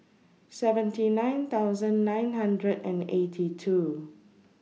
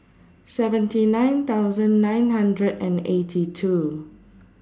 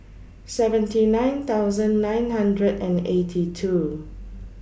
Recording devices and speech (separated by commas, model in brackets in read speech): mobile phone (iPhone 6), standing microphone (AKG C214), boundary microphone (BM630), read sentence